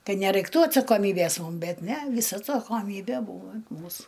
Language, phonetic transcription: Lithuanian, ˈkad neraikˈtų atsakoˈmybės ˈmum ˈbet ˈne ˈvysa atsakoˈmybe ˈbūva ant ˈmūsu

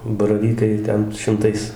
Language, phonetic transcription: Lithuanian, baraˈvykai ˈten šimˈtais

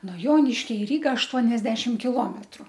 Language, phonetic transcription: Lithuanian, no ˈjoniškia i ˈryga ašˈtuoniasdešim kiˈlometru

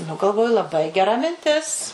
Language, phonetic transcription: Lithuanian, nu galˈvoju laˈbai geˈra minˈtis

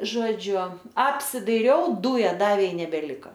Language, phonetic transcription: Lithuanian, ˈžodžiu apsidaiˈriau ˈdūja ˈdavė i nebeˈlika

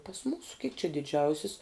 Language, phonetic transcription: Lithuanian, pas ˈmūsu kik či diˈdžiausis

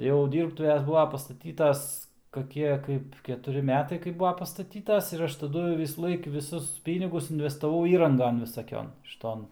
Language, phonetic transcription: Lithuanian, jau ˈdyrbtuves ˈbuva pastaˈtytas kaˈkie ˈkaip ketuˈri ˈmetai kaip ˈbua pastaˈtytas ir ˈaš taˈdu visųˈlaik viˈsus ˈpynigus investaˈvau ˈįrangan visaˈkion šiˈton

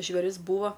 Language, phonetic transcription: Lithuanian, žvėˈris ˈbūva

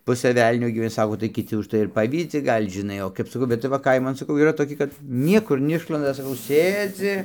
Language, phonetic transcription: Lithuanian, ˈpusɘ ˈvelnio gyveˈni ˈsako tai kiˈti užˈtai ir ˈpavydzi ˈgal' žiˈnai o kaip saˈkau bet tai ˈva ˈkaiman saˈkau yˈra toˈki kad ˈniekur neˈišlanda saˈkau ˈsėdzi

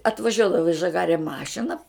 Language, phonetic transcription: Lithuanian, atvaˈžiuodavo i žaˈgare ˈmašina

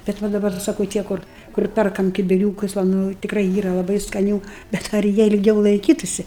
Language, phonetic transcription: Lithuanian, bet ˈva daˈbar saˈkau ˈtie kur kur ˈperkam kibiˈriūkus va ˈnu tikˈrai ˈyra laˈbai skaˈnių bet ar ˈjie ilˈgiau laiˈkytusi

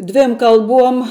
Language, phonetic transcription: Lithuanian, ˈdvėm kalˈbuom

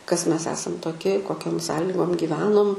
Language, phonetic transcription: Lithuanian, kas ˈmes ˈesam toˈki koˈkiom ˈsąligom giˈvenom

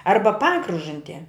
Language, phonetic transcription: Lithuanian, ˈarba ˈpakružantie

